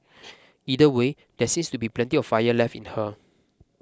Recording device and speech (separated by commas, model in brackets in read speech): close-talking microphone (WH20), read sentence